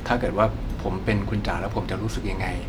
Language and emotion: Thai, frustrated